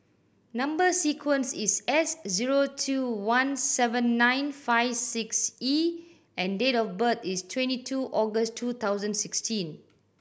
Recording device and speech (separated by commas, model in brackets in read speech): boundary microphone (BM630), read sentence